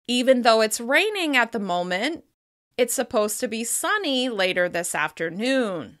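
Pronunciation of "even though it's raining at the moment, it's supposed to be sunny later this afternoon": The voice rises slightly between the ideas in the sentence, which keeps it sounding unfinished until the sentence is complete.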